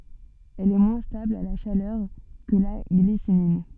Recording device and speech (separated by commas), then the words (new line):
soft in-ear microphone, read sentence
Elle est moins stable à la chaleur que la glycinine.